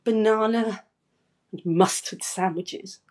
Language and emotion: English, disgusted